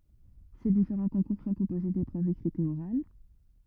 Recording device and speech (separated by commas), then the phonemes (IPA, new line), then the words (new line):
rigid in-ear microphone, read sentence
se difeʁɑ̃ kɔ̃kuʁ sɔ̃ kɔ̃poze depʁøvz ekʁitz e oʁal
Ces différents concours sont composés d'épreuves écrites et orales.